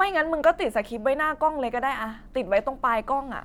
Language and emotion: Thai, frustrated